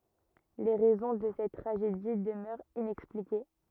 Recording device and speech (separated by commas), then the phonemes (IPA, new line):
rigid in-ear microphone, read sentence
le ʁɛzɔ̃ də sɛt tʁaʒedi dəmœʁt inɛksplike